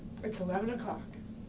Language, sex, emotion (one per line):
English
female
neutral